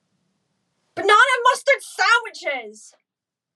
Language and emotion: English, disgusted